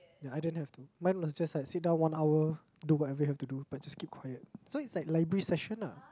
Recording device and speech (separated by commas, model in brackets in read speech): close-talking microphone, conversation in the same room